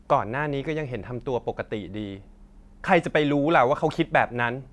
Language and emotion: Thai, sad